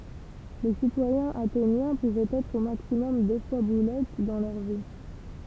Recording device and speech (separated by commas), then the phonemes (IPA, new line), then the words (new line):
temple vibration pickup, read sentence
le sitwajɛ̃z atenjɛ̃ puvɛt ɛtʁ o maksimɔm dø fwa buløt dɑ̃ lœʁ vi
Les citoyens athéniens pouvaient être au maximum deux fois bouleutes dans leur vie.